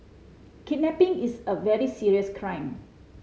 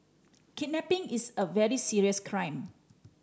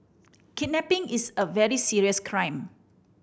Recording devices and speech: mobile phone (Samsung C5010), standing microphone (AKG C214), boundary microphone (BM630), read sentence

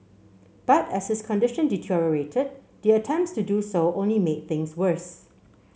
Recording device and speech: mobile phone (Samsung C7), read sentence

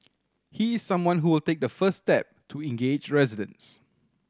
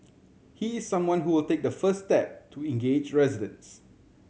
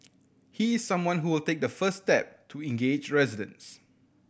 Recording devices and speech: standing microphone (AKG C214), mobile phone (Samsung C7100), boundary microphone (BM630), read sentence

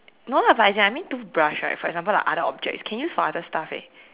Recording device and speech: telephone, conversation in separate rooms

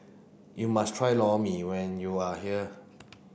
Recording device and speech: boundary microphone (BM630), read sentence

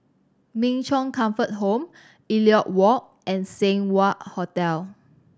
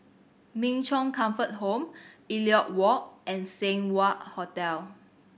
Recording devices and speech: standing microphone (AKG C214), boundary microphone (BM630), read sentence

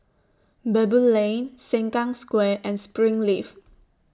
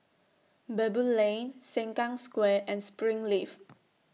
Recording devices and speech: standing microphone (AKG C214), mobile phone (iPhone 6), read sentence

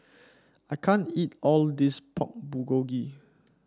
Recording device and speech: standing microphone (AKG C214), read sentence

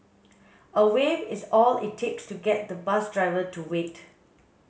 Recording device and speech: mobile phone (Samsung S8), read sentence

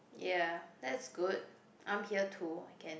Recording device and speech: boundary microphone, conversation in the same room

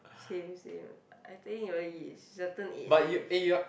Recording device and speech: boundary microphone, conversation in the same room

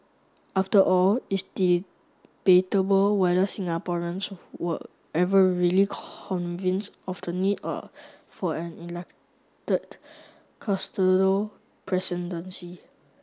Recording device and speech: standing microphone (AKG C214), read sentence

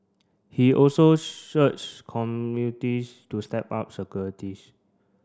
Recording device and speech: standing microphone (AKG C214), read sentence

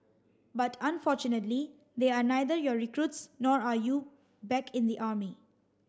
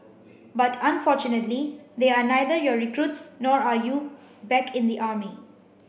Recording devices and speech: standing microphone (AKG C214), boundary microphone (BM630), read sentence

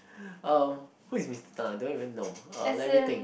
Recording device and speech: boundary microphone, conversation in the same room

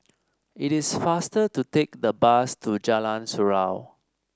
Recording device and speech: standing microphone (AKG C214), read sentence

